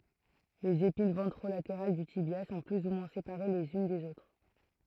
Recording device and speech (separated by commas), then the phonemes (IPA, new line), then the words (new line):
throat microphone, read sentence
lez epin vɑ̃tʁolateʁal dy tibja sɔ̃ ply u mwɛ̃ sepaʁe lez yn dez otʁ
Les épines ventrolatérales du tibia sont plus ou moins séparées les unes des autres.